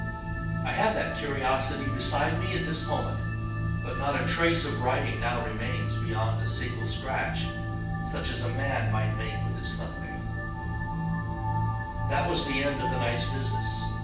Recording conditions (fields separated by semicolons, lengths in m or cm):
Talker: one person; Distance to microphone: 9.8 m; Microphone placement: far; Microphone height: 1.8 m; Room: large; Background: music